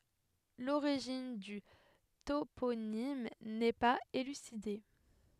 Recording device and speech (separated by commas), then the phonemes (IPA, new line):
headset microphone, read sentence
loʁiʒin dy toponim nɛ paz elyside